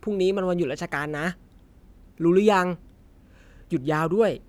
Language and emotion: Thai, neutral